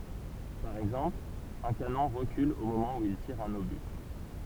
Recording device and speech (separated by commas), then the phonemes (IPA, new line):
temple vibration pickup, read sentence
paʁ ɛɡzɑ̃pl œ̃ kanɔ̃ ʁəkyl o momɑ̃ u il tiʁ œ̃n oby